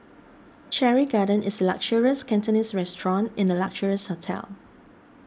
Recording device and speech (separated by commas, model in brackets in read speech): standing microphone (AKG C214), read sentence